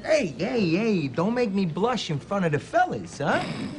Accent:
in Brooklyn accent